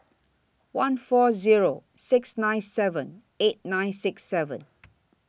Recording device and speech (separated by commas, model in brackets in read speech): boundary microphone (BM630), read sentence